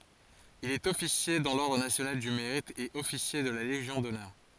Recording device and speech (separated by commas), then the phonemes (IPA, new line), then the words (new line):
forehead accelerometer, read sentence
il ɛt ɔfisje dɑ̃ lɔʁdʁ nasjonal dy meʁit e ɔfisje də la leʒjɔ̃ dɔnœʁ
Il est officier dans l’ordre national du Mérite et officier de la Légion d'honneur.